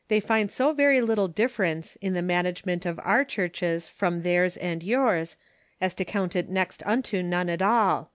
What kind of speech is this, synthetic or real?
real